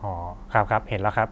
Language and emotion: Thai, neutral